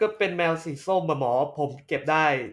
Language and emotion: Thai, neutral